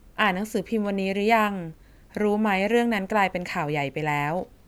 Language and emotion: Thai, neutral